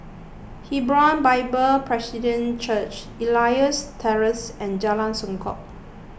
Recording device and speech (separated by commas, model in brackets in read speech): boundary microphone (BM630), read sentence